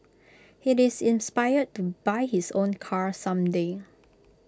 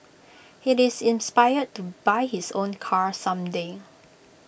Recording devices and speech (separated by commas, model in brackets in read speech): close-talking microphone (WH20), boundary microphone (BM630), read sentence